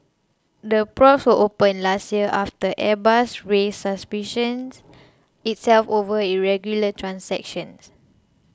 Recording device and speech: close-talking microphone (WH20), read sentence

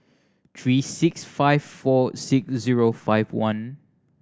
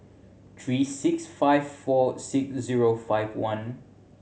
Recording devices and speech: standing microphone (AKG C214), mobile phone (Samsung C7100), read sentence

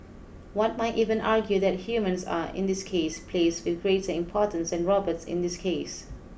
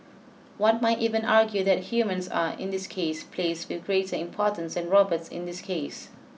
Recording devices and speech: boundary microphone (BM630), mobile phone (iPhone 6), read sentence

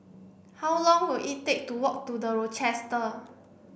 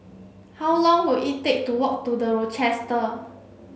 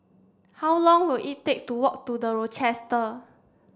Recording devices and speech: boundary microphone (BM630), mobile phone (Samsung C7), standing microphone (AKG C214), read sentence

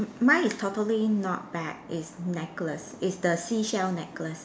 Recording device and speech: standing microphone, conversation in separate rooms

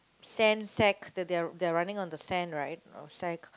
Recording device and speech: close-talking microphone, conversation in the same room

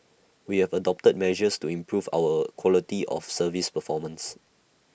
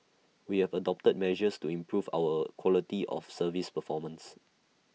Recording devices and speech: boundary microphone (BM630), mobile phone (iPhone 6), read sentence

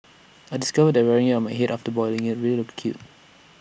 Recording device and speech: boundary microphone (BM630), read sentence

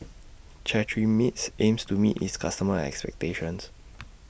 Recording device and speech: boundary microphone (BM630), read sentence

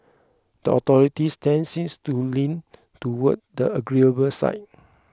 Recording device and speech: close-talking microphone (WH20), read sentence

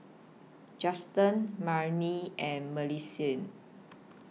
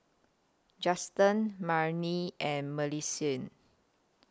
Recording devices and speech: mobile phone (iPhone 6), close-talking microphone (WH20), read sentence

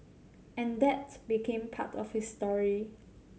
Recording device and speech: mobile phone (Samsung C7100), read sentence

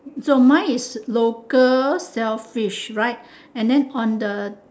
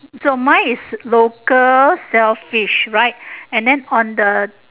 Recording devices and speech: standing microphone, telephone, conversation in separate rooms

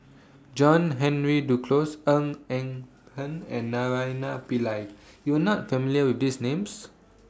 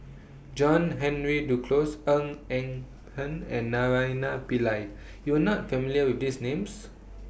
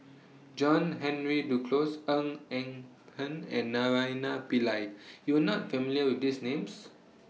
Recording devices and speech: standing microphone (AKG C214), boundary microphone (BM630), mobile phone (iPhone 6), read sentence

